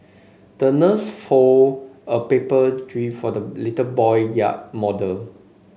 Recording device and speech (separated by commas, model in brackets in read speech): mobile phone (Samsung C5), read sentence